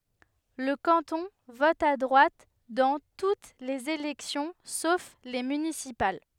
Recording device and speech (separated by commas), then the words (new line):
headset microphone, read sentence
Le canton vote à droite dans toutes les élections sauf les municipales.